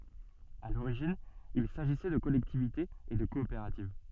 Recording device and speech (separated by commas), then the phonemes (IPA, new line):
soft in-ear microphone, read sentence
a loʁiʒin il saʒisɛ də kɔlɛktivitez e də kɔopeʁativ